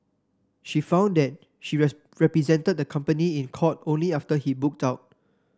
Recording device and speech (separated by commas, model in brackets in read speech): standing microphone (AKG C214), read sentence